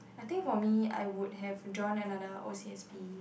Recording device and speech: boundary microphone, conversation in the same room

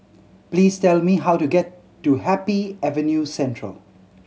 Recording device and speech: mobile phone (Samsung C7100), read sentence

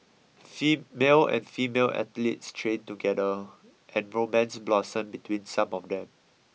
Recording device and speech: mobile phone (iPhone 6), read sentence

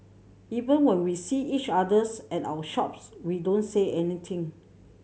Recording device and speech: mobile phone (Samsung C7100), read sentence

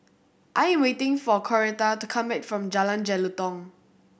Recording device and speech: boundary microphone (BM630), read sentence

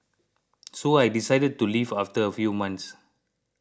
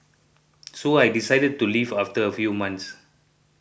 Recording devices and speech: close-talking microphone (WH20), boundary microphone (BM630), read sentence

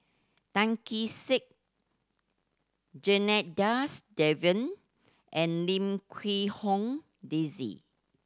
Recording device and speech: standing microphone (AKG C214), read sentence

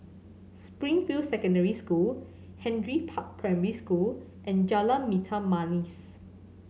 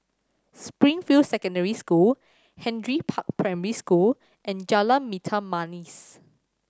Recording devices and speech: mobile phone (Samsung C7100), standing microphone (AKG C214), read sentence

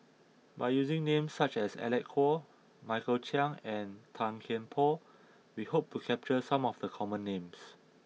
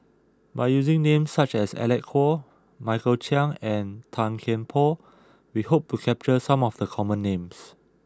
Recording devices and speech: mobile phone (iPhone 6), close-talking microphone (WH20), read sentence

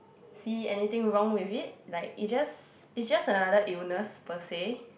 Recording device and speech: boundary microphone, conversation in the same room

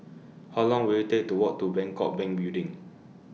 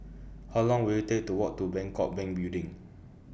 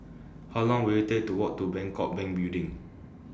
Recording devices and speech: mobile phone (iPhone 6), boundary microphone (BM630), standing microphone (AKG C214), read sentence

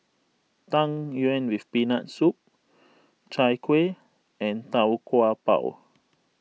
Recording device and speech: mobile phone (iPhone 6), read sentence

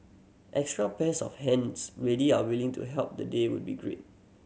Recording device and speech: mobile phone (Samsung C7100), read sentence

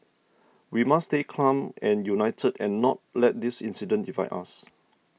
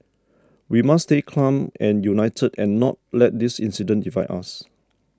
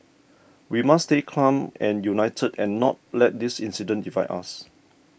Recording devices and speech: mobile phone (iPhone 6), standing microphone (AKG C214), boundary microphone (BM630), read sentence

